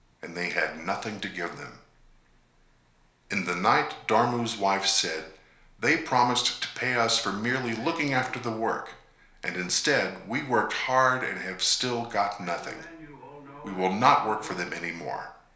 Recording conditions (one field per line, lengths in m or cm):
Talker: one person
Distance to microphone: 1.0 m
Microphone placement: close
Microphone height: 1.1 m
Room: small (3.7 m by 2.7 m)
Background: television